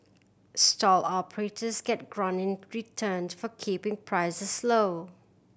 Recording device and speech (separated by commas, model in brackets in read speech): boundary microphone (BM630), read sentence